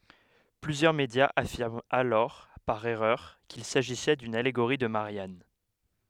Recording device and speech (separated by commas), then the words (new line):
headset microphone, read sentence
Plusieurs médias affirment alors par erreur qu'il s'agissait d'une allégorie de Marianne.